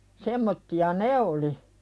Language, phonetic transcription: Finnish, 'semmotti₍a "ne oli .
- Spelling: semmoisia ne oli

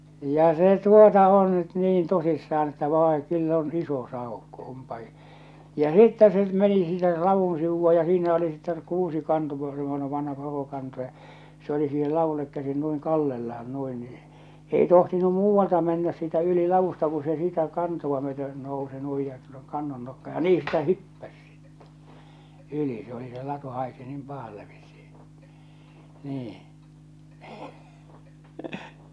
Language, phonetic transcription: Finnish, ja 'se 'tuota on nyt "niin 'tosissa₍an että » 'vàe ̳ 'kyll ‿on 'iso 'sàokko ompa i- « , ja "sittä se meni sinnel 'lavun sivu₍a ja siinä oli sitteŋ 'kuusikanto semmonev vanha 'korokanto ja , se oli siihel 'lavullek käsin nuiŋ 'kallellahan 'nuin nii , ei tohtinu 'muuvvalta mennäs siitä yli 'lavusta ku se siitä 'kantova myöte , nousi nuij ja tuonne 'kannon nokka̳ ja "nii si̳tä "hyppäs sɪttᴇ , 'yli , se ‿oli se 'latu 'haisi nim 'pahalle vissɪ , 'nii .
- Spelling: ja se tuota on nyt niin tosissaan että vai kyllä on iso saukko onpa - ja sitten se meni sinne ladun sivulla ja siinä oli sitten kuusikanto semmoinen vanha korokanto ja se oli siihen ladulle käsin noin kallellaan noin niin ei tohtinut muualta mennä siitä yli ladusta kun se siitä kantoa myöten nousi noin ja tuonne kannon nokkaan ja niin sitä hyppäsi sitten yli se oli se latu haisi niin pahalle vissiin niin

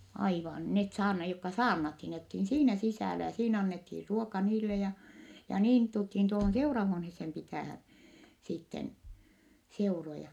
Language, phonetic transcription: Finnish, aivan , net saarna- , jokka saarnathin , net olthi siinä sisä̀lä ja siinä annethir ruoka niille ja , ja niin tulthin tuohon seurahuonhessem pitä̀hän , sitten , seuroja .
- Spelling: aivan ne - jotka saarnattiin ne oltiin siinä sisällä ja siinä annettiin ruoka niille ja ja niin tultiin tuohon seurahuoneeseen pitämään sitten seuroja

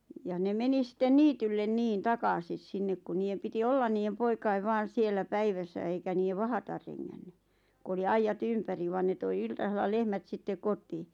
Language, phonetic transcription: Finnish, ja nem 'meni sⁱtten 'niityllen 'niin "takasis 'sinnek ku 'niijem piti "ollan niijem 'poikaiv vaan̬ 'siellä "päiväsä eikä niijev "vahatar reŋŋänny , ku oli 'aija"t ‿ympäri van ne toi 'iltasella 'lehmät sittek "kot̀ii .
- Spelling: ja ne meni sitten niitylle niin takaisin sinne kun niiden piti olla niiden poikien vain siellä päivässä eikä niiden vahdata rengännyt kun oli aidat ympäri vaan ne toi iltasella lehmät sitten kotiin

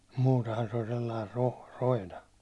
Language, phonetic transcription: Finnish, muutehan se oĺ sellair roh- , 'roina .
- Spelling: muutenhan se oli sellainen - roina

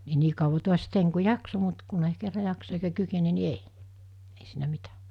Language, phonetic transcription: Finnish, ni 'nii kauva 'tuas 'teiŋ ku "jakso mut kunei kerra 'jaksa eikä 'kykene ni "ei , ei siinä 'mitä .
- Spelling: niin niin kauan taas tein kun jaksoin mutta kun ei kerran jaksa eikä kykene niin ei ei siinä mitä

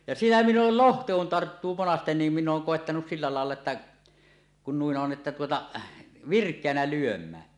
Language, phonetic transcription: Finnish, ja siinä min̆n ‿ool "lohta kun "tarttuu 'monasten niim 'minn ‿ooŋ 'kòettanus sillä làella että , kun 'nuin 'on että tuota , "virk̀eänä 'lyöm̀ään .
- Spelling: ja siinä minä olen lohta kun tarttuu monasti niin minä olen koettanut sillä lailla että kun noin on että tuota virkeänä lyömään

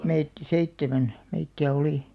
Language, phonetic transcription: Finnish, 'meit , "seittemän , meitti₍ä 'olì .
- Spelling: meitä seitsemän meitä oli

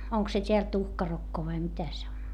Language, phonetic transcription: Finnish, oŋk se t́eäl tuhkarokko vai mitä se on ?
- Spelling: onko se täällä tuhkarokko vai mitä se on

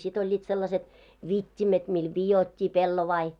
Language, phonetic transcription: Finnish, 'sit ‿oĺĺiit sellaset , "vit́t́imet mii 'vijot́t́i 'pellovai .
- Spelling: sitten olivat sellaiset vitimet millä vidottiin pellavia

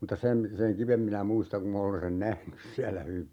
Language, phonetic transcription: Finnish, mutta 'sem , 'seŋ "kivem minä 'muistaŋ ku 'm ‿olen sen "nähnys siälä 'hyvi .
- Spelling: mutta sen sen kiven minä muistan kun minä olen sen nähnyt siellä hyvin

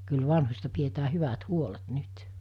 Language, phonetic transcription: Finnish, kyl 'vanhos̜ta pietää 'hyvät 'huolet 'nyt .
- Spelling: kyllä vanhoista pidetään hyvät huolet nyt

